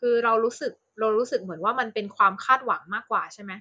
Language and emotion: Thai, neutral